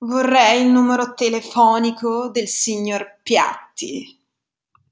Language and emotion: Italian, disgusted